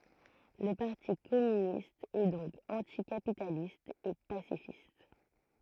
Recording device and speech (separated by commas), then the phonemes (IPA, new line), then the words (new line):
throat microphone, read sentence
lə paʁti kɔmynist ɛ dɔ̃k ɑ̃tikapitalist e pasifist
Le Parti communiste est donc anti-capitaliste et pacifiste.